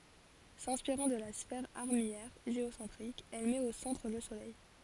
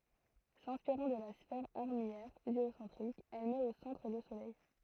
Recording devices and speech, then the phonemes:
forehead accelerometer, throat microphone, read sentence
sɛ̃spiʁɑ̃ də la sfɛʁ aʁmijɛʁ ʒeosɑ̃tʁik ɛl mɛt o sɑ̃tʁ lə solɛj

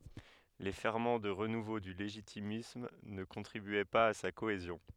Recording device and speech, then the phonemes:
headset microphone, read sentence
le fɛʁmɑ̃ də ʁənuvo dy leʒitimism nə kɔ̃tʁibyɛ paz a sa koezjɔ̃

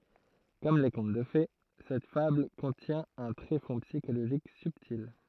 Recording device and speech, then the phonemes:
throat microphone, read sentence
kɔm le kɔ̃t də fe sɛt fabl kɔ̃tjɛ̃ œ̃ tʁefɔ̃ psikoloʒik sybtil

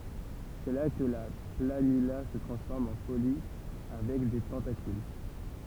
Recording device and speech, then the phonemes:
temple vibration pickup, read sentence
sɛ la kə la planyla sə tʁɑ̃sfɔʁm ɑ̃ polipə avɛk de tɑ̃takyl

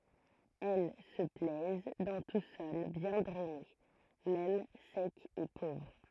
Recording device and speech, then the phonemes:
throat microphone, read sentence
ɛl sə plɛz dɑ̃ tu sɔl bjɛ̃ dʁɛne mɛm sɛk e povʁ

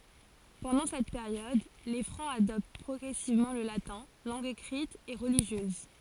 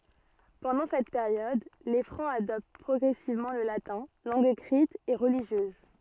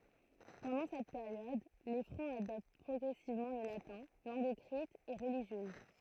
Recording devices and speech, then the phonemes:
forehead accelerometer, soft in-ear microphone, throat microphone, read sentence
pɑ̃dɑ̃ sɛt peʁjɔd le fʁɑ̃z adɔpt pʁɔɡʁɛsivmɑ̃ lə latɛ̃ lɑ̃ɡ ekʁit e ʁəliʒjøz

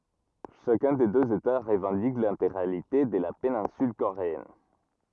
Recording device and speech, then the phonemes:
rigid in-ear microphone, read sentence
ʃakœ̃ de døz eta ʁəvɑ̃dik lɛ̃teɡʁalite də la penɛ̃syl koʁeɛn

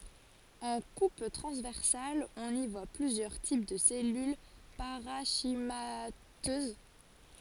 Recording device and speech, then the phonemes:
forehead accelerometer, read sentence
ɑ̃ kup tʁɑ̃zvɛʁsal ɔ̃n i vwa plyzjœʁ tip də sɛlyl paʁɑ̃ʃimatøz

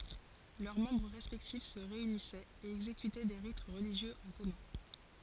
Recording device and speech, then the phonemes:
forehead accelerometer, read sentence
lœʁ mɑ̃bʁ ʁɛspɛktif sə ʁeynisɛt e ɛɡzekytɛ de ʁit ʁəliʒjøz ɑ̃ kɔmœ̃

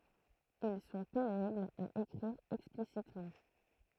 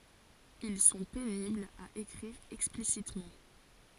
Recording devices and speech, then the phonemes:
throat microphone, forehead accelerometer, read sentence
il sɔ̃ peniblz a ekʁiʁ ɛksplisitmɑ̃

